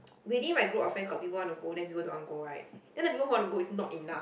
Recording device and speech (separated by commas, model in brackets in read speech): boundary microphone, conversation in the same room